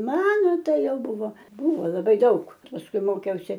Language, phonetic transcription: Lithuanian, ˈmano ˈtai ˈjau ˈbuvo ˈbuvo laˈbai ˈdaug pasˈkui ˈmokiausi

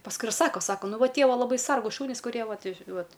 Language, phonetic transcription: Lithuanian, pasˈkui ir ˈsako ˈsako ˈnu ˈva ˈtie ˈva laˈbai ˈsargūs ˈšunys kuˈrie ˈvat ˈvat

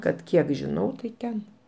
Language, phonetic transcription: Lithuanian, kad ˈkiek žiˈnau tai ˈten

